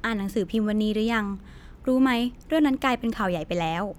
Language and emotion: Thai, neutral